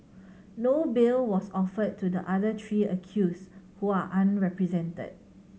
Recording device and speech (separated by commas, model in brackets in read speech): mobile phone (Samsung C7100), read sentence